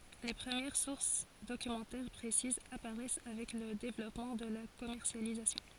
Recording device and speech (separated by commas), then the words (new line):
forehead accelerometer, read sentence
Les premières sources documentaires précises apparaissent avec le développement de la commercialisation.